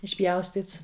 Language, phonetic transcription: Lithuanian, išˈpjaustyts

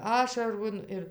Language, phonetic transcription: Lithuanian, ˈašaron ir

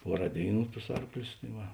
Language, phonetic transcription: Lithuanian, ˈpuoˌrā ˈdėiˌnų tus ˈarklius tai ˈva

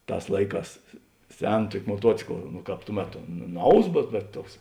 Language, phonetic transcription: Lithuanian, ˈtās ˈlaiˌkās ˈsen ˈtuoki moˈtuocikl nu ˈkāp tū ˈmeto ˈnaus bet bet ˈtuoks

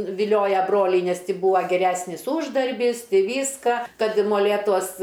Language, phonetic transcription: Lithuanian, viˈlioja ˈbroliai nes ˈti ˈbūa geˈræsnis ˈūždarbys ˈvyska ˈkad i moˈlėtuos

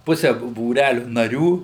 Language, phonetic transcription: Lithuanian, ˈpuse bū būˈræliu naˈrių

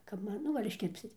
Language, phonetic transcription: Lithuanian, kap ˈman ˈnu gal' išˈkirpsit

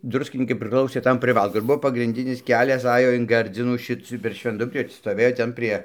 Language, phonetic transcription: Lithuanian, ˈdruskinykai priˈklausė ˈtam priˈvalku ir ˈbuvo pagrinˈdinis ˈkelias ˈajo in ˈgardzinų ˈšic per švenˈdubrį stoˈvėjo ˈten prie

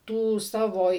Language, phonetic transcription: Lithuanian, ˈtų ˈsavo

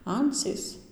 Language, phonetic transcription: Lithuanian, ˈancys

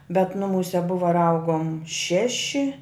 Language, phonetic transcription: Lithuanian, bet ˈnumūse ˈbuvo ir ˈaugom ˈšeši

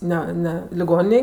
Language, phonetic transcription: Lithuanian, ˈne ˈne liˈgoninėj

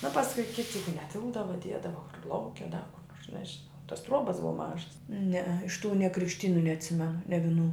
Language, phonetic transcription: Lithuanian, nu pasˈkui ˈkiti ˈjeigu neˈtilpdava ˈdiedava kur ˈlauke da kur ˈnors nežiˈnau tos ˈtruobas ˈbuva ˈmažas nee iš tų ne krikšˈtynu neatˈsimenu ne viˈnų

